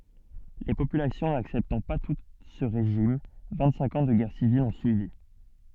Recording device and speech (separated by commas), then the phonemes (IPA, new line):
soft in-ear microphone, read sentence
le popylasjɔ̃ naksɛptɑ̃ pa tut sə ʁeʒim vɛ̃tsɛ̃k ɑ̃ də ɡɛʁ sivil ɔ̃ syivi